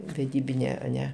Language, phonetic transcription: Lithuanian, veˈdybinė aˈne

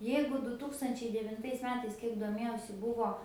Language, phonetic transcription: Lithuanian, ˈjeigu du ˈtūkstančiai devinˈtais ˈmetais ˈkiek doˈmėjausi ˈbuvo

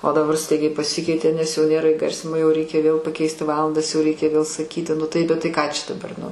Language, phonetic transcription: Lithuanian, o daˈbar ˈstaigiai paˈsikeitė nes jau ˈnėra iˈgarsinimo jau ˈreikia vėl paˈkeisti ˈvalandas jau ˈreikia vėl saˈkyti ˈnu tai bet ˈtai ˈką čia daˈbar nu

